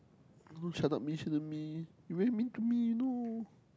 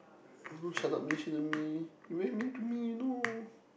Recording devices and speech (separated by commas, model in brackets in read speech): close-talking microphone, boundary microphone, conversation in the same room